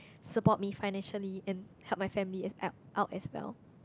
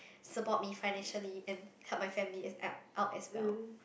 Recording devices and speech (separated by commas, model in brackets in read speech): close-talking microphone, boundary microphone, conversation in the same room